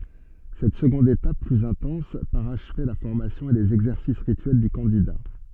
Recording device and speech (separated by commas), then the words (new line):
soft in-ear microphone, read sentence
Cette seconde étape, plus intense, parachevait la formation et les exercices rituels du candidat.